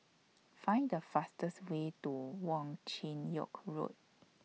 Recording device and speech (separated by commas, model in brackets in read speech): mobile phone (iPhone 6), read sentence